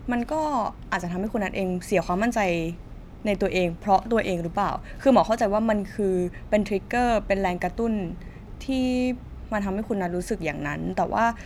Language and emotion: Thai, neutral